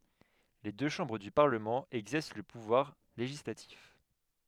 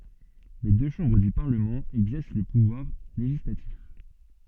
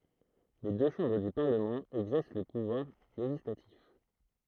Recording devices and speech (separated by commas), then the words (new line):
headset microphone, soft in-ear microphone, throat microphone, read sentence
Les deux chambres du Parlement exercent le pouvoir législatif.